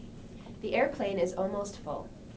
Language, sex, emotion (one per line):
English
female
neutral